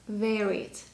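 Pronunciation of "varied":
'Varied' is said with the British pronunciation.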